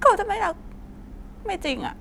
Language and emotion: Thai, sad